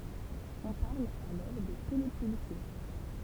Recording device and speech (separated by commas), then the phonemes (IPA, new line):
temple vibration pickup, read sentence
ɔ̃ paʁl alɔʁ də telepylse